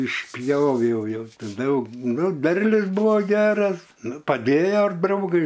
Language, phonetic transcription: Lithuanian, išˈpjoviau ˈjau ˈti ˈdaug ˈnu ˈderlius ˈbuvo ˈgeras ˈnu paˈdėja ir ˈdraugai

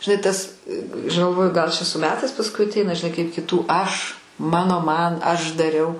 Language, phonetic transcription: Lithuanian, žiˈnai ˈtas aš galˈvoju gal čia su ˈmetais pasˈkui atˈeina žiˈnai kaip kiˈtų ˈaš ˈmano ˈman ˈaš daˈriau

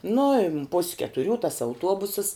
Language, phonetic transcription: Lithuanian, ˈnu i pus' ketuˈrių tas auˈtuobusəs

